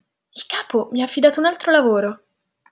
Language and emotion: Italian, surprised